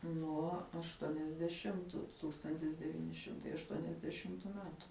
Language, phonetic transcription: Lithuanian, nuo ašˈtuoniasdeˌšimtu ˈtūkstantis deˈvyni ˈšimtai ašˈtuoniasdeˌšimtu ˈmetu

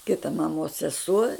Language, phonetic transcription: Lithuanian, ˈkita maˈmos seˈsuo

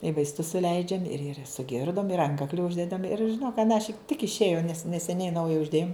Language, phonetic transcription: Lithuanian, i vaisˈtus suˈleidžiam ir ir suˈgirdom ir ˈankakli ˈuždedam ir žiˈnok anąˈšik tik išˈėjo nes neseˈniai ˈnauja užˈdėjom

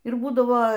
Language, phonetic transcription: Lithuanian, ir ˈbūdavo

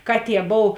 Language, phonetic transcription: Lithuanian, ˈkaˌtie ˈbov

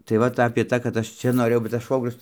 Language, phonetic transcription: Lithuanian, tai ˈvat apė ˈtą kad ˈaš ˈčia noˈrėjau bet tas ˈšvogrius

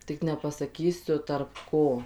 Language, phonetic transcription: Lithuanian, ˈtik nepasaˈkysiu tarp ˈko

